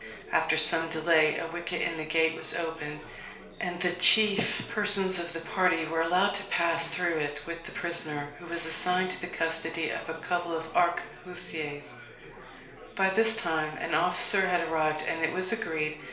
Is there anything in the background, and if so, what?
Crowd babble.